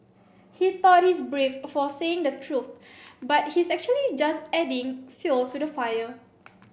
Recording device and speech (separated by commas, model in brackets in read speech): boundary microphone (BM630), read sentence